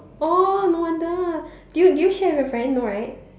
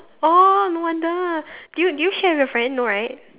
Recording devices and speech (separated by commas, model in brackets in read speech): standing microphone, telephone, conversation in separate rooms